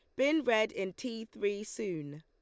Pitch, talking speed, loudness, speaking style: 215 Hz, 180 wpm, -33 LUFS, Lombard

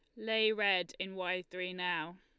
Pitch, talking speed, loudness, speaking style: 185 Hz, 180 wpm, -34 LUFS, Lombard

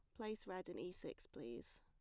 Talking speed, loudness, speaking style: 225 wpm, -51 LUFS, plain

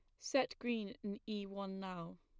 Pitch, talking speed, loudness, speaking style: 200 Hz, 180 wpm, -42 LUFS, plain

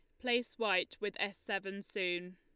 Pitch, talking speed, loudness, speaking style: 200 Hz, 165 wpm, -36 LUFS, Lombard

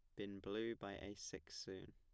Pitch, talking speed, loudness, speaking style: 100 Hz, 210 wpm, -49 LUFS, plain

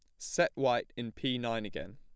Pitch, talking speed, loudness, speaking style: 115 Hz, 205 wpm, -33 LUFS, plain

